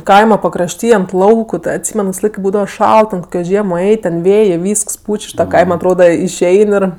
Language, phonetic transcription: Lithuanian, ˈkaima pakrašˈty ant ˈlauku ˈtɜ atˈsymen kaip ˈbūdava ˈšalt ten ˈkokio ˈžiemo ˈeit' ten ˈvėjė ˈvysks ˈpuč' už ˈtą ˈkaima atˈroda išˈein ir

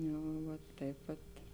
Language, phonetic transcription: Lithuanian, ˈjau ˈvat ˈtaip vat

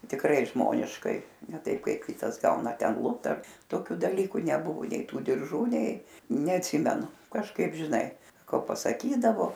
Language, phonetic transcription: Lithuanian, tikˈrai ˈžmoniškai ne ˈtaip ˈkaip ˈkitas ˈgauna ˈten ˈlupt ar toˈkiu daˈlyku neˈbuvu nei ˈtų dirˈžų nei neatˈsimenu kažˈkaip žiˈnai ˈko pasaˈkydavo

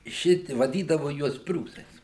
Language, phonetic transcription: Lithuanian, ˈšiti vaˈdydavo ˈjuos ˈpriūsais

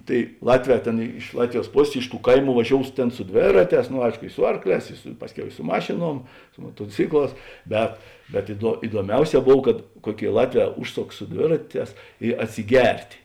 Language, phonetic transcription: Lithuanian, ˈtai ˈlatˌvē ˈtėn iš ˈlatviˌjuos ˈposės iš tų ˈkaiˌmų vaˈžious ˈtėn su ˈdvėraˌtēs no ˈaiško i ˈsu arkˌlēs su ˈpasˌkiau i su ˈmašėˌnuom su motoˈcikˌlās ˈbet bet iduo iduoˈmiauˌsē ˈbov kad ˈkuoˌkėi ˈlatˌvē ˈužˌsoks su ˈdvėraˌtēs i atsiˈgert'

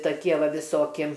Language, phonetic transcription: Lithuanian, taˈkie ˈva viˈsoki

